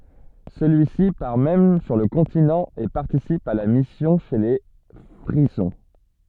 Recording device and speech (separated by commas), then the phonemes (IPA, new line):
soft in-ear microphone, read sentence
səlyisi paʁ mɛm syʁ lə kɔ̃tinɑ̃ e paʁtisip a la misjɔ̃ ʃe le fʁizɔ̃